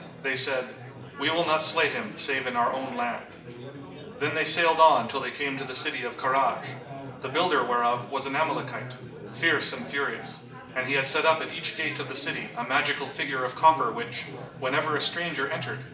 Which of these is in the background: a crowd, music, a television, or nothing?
Crowd babble.